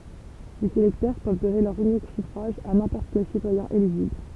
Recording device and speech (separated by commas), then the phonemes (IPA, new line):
temple vibration pickup, read sentence
lez elɛktœʁ pøv dɔne lœʁ ynik syfʁaʒ a nɛ̃pɔʁt kɛl sitwajɛ̃ eliʒibl